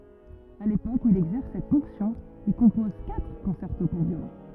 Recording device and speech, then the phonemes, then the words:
rigid in-ear microphone, read sentence
a lepok u il ɛɡzɛʁs sɛt fɔ̃ksjɔ̃ il kɔ̃pɔz katʁ kɔ̃sɛʁto puʁ vjolɔ̃
À l'époque où il exerce cette fonction, il compose quatre concertos pour violon.

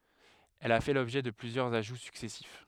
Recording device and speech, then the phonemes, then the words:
headset microphone, read sentence
ɛl a fɛ lɔbʒɛ də plyzjœʁz aʒu syksɛsif
Elle a fait l'objet de plusieurs ajouts successifs.

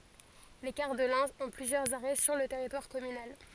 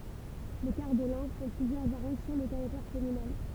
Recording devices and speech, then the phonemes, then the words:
forehead accelerometer, temple vibration pickup, read sentence
le kaʁ də lɛ̃ ɔ̃ plyzjœʁz aʁɛ syʁ lə tɛʁitwaʁ kɔmynal
Les cars de l'Ain ont plusieurs arrêts sur le territoire communal.

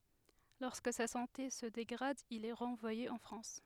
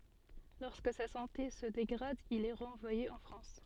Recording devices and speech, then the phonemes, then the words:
headset microphone, soft in-ear microphone, read sentence
lɔʁskə sa sɑ̃te sə deɡʁad il ɛ ʁɑ̃vwaje ɑ̃ fʁɑ̃s
Lorsque sa santé se dégrade, il est renvoyé en France.

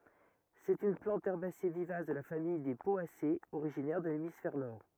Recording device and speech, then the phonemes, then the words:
rigid in-ear microphone, read sentence
sɛt yn plɑ̃t ɛʁbase vivas də la famij de pɔasez oʁiʒinɛʁ də lemisfɛʁ nɔʁ
C'est une plante herbacée vivace de la famille des Poacées, originaire de l'hémisphère Nord.

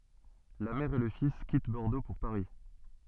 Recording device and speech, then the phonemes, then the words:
soft in-ear microphone, read sentence
la mɛʁ e lə fis kit bɔʁdo puʁ paʁi
La mère et le fils quittent Bordeaux pour Paris.

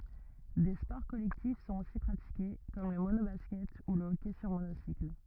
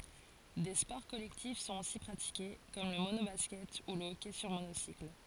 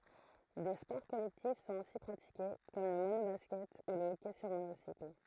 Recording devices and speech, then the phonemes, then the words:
rigid in-ear microphone, forehead accelerometer, throat microphone, read sentence
de spɔʁ kɔlɛktif sɔ̃t osi pʁatike kɔm lə monobaskɛt u lə ɔkɛ syʁ monosikl
Des sports collectifs sont aussi pratiqués, comme le mono-basket ou le hockey sur monocycle.

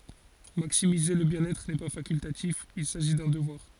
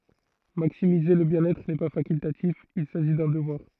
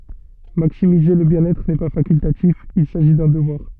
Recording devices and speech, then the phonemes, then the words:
forehead accelerometer, throat microphone, soft in-ear microphone, read sentence
maksimize lə bjɛ̃n ɛtʁ nɛ pa fakyltatif il saʒi dœ̃ dəvwaʁ
Maximiser le bien-être n'est pas facultatif, il s'agit d'un devoir.

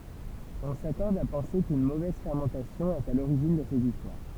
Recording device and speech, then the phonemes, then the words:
temple vibration pickup, read sentence
ɔ̃ sakɔʁd a pɑ̃se kyn movɛz fɛʁmɑ̃tasjɔ̃ ɛt a loʁiʒin də sez istwaʁ
On s'accorde à penser qu'une mauvaise fermentation est à l'origine de ces histoires.

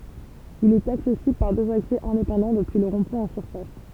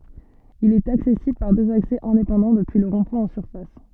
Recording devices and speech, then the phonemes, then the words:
temple vibration pickup, soft in-ear microphone, read sentence
il ɛt aksɛsibl paʁ døz aksɛ ɛ̃depɑ̃dɑ̃ dəpyi lə ʁɔ̃dpwɛ̃ ɑ̃ syʁfas
Il est accessible par deux accès indépendants depuis le rond-point en surface.

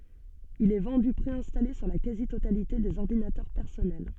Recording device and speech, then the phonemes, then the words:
soft in-ear microphone, read sentence
il ɛ vɑ̃dy pʁeɛ̃stale syʁ la kazi totalite dez ɔʁdinatœʁ pɛʁsɔnɛl
Il est vendu préinstallé sur la quasi-totalité des ordinateurs personnels.

